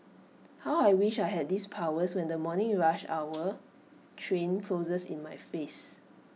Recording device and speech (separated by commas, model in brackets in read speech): mobile phone (iPhone 6), read sentence